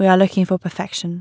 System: none